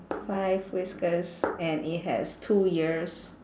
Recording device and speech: standing microphone, conversation in separate rooms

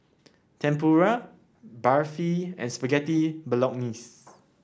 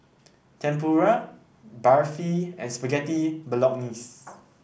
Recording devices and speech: standing microphone (AKG C214), boundary microphone (BM630), read sentence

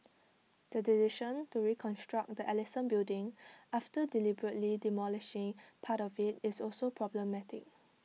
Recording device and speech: mobile phone (iPhone 6), read sentence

